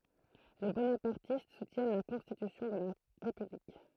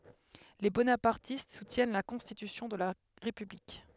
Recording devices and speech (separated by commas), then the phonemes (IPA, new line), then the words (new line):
throat microphone, headset microphone, read sentence
le bonapaʁtist sutjɛn la kɔ̃stitysjɔ̃ də la ʁepyblik
Les bonapartistes soutiennent la constitution de la République.